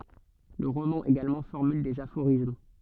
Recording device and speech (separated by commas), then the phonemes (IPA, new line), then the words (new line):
soft in-ear microphone, read sentence
lə ʁomɑ̃ eɡalmɑ̃ fɔʁmyl dez afoʁism
Le roman également formule des aphorismes.